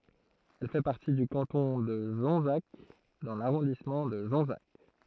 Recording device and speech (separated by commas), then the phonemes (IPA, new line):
throat microphone, read sentence
ɛl fɛ paʁti dy kɑ̃tɔ̃ də ʒɔ̃zak dɑ̃ laʁɔ̃dismɑ̃ də ʒɔ̃zak